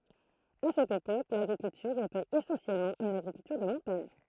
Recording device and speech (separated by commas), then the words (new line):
throat microphone, read sentence
À cette époque, l'agriculture était essentiellement une agriculture de montagne.